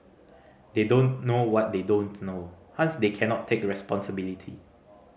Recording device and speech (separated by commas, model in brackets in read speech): mobile phone (Samsung C5010), read sentence